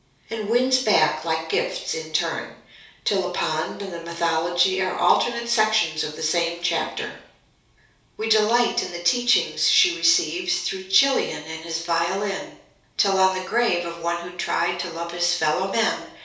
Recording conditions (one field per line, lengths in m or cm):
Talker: one person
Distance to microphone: 3.0 m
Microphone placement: far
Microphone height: 1.8 m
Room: small (3.7 m by 2.7 m)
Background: none